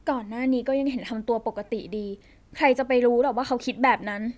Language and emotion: Thai, frustrated